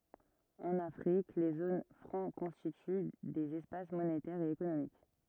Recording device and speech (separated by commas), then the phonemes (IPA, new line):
rigid in-ear microphone, read sentence
ɑ̃n afʁik le zon fʁɑ̃ kɔ̃stity dez ɛspas monetɛʁz e ekonomik